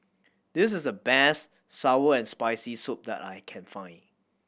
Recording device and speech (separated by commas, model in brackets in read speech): boundary microphone (BM630), read sentence